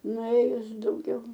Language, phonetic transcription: Lithuanian, nuˈėjus dauˈgiau

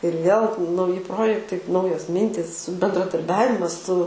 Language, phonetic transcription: Lithuanian, ir vėl nauˈji ˈprojektai ˈnaujos ˈmintys bendradarˈbiavimas su

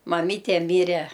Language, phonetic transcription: Lithuanian, maˈmyte ˈmyre

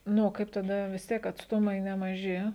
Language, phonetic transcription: Lithuanian, ˈnu o ˈkaip taˈda vis ˈtiek atsˈtumai nemaˈži

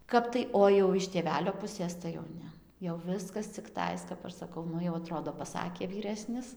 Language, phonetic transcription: Lithuanian, ˈkap tai o jau iš tėˈvelio ˈpusės tai jau ˈne jau ˈviskas cikˈtais kap ˈaš saˈkau ˈnu jau aˈtrodo paˈsakė vyˈresnis

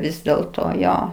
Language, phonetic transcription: Lithuanian, ˈvis dėlˈto ˈjo

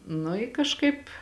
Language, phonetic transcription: Lithuanian, nu i kažˈkaip

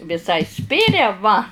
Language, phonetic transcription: Lithuanian, viˈsai ˈspiria va

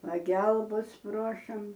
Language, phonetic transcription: Lithuanian, paˈgelbas ˈprošam

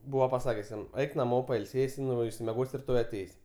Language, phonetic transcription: Lithuanian, ˈbūva paˈsakes ˈjam ˈeik naˈmo pailˈsėsi ˈnu išsimeˈgos' riˈtoj aˈteis'

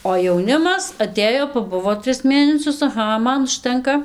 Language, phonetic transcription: Lithuanian, o jauˈnimas aˈtėjo paˈbuvo ˈtris ˈmėnesius aˈha ˈman užˈtenka

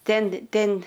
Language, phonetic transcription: Lithuanian, ˈten ˈten

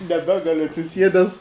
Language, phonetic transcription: Lithuanian, neˈbegaliu atsiˈsiedes

